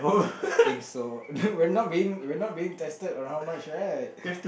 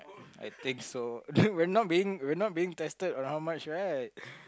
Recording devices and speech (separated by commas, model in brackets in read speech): boundary microphone, close-talking microphone, conversation in the same room